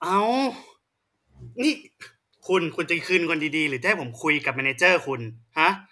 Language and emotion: Thai, angry